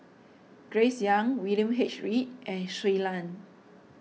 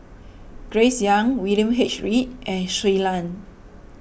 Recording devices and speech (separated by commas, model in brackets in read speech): mobile phone (iPhone 6), boundary microphone (BM630), read sentence